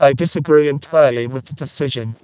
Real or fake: fake